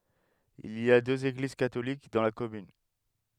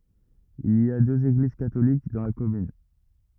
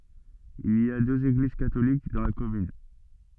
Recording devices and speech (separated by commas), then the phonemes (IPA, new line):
headset microphone, rigid in-ear microphone, soft in-ear microphone, read sentence
il i døz eɡliz katolik dɑ̃ la kɔmyn